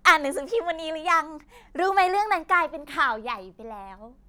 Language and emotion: Thai, happy